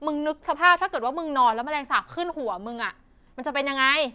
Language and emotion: Thai, angry